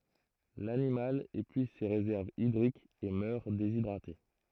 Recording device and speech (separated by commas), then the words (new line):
throat microphone, read sentence
L'animal épuise ses réserves hydriques et meurt déshydraté.